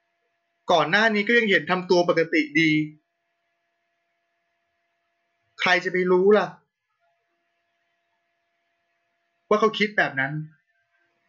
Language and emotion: Thai, sad